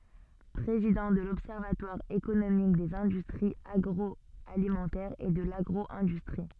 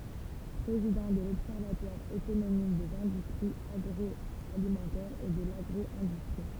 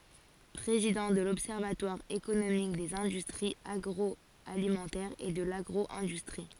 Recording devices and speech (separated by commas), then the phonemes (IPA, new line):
soft in-ear microphone, temple vibration pickup, forehead accelerometer, read sentence
pʁezidɑ̃ də lɔbsɛʁvatwaʁ ekonomik dez ɛ̃dystʁiz aɡʁɔalimɑ̃tɛʁz e də laɡʁo ɛ̃dystʁi